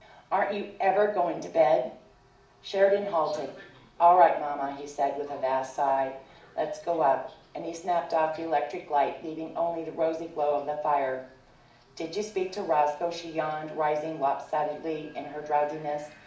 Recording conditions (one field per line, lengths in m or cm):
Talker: one person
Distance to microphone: 2.0 m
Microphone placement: close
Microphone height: 99 cm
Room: medium-sized (5.7 m by 4.0 m)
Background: television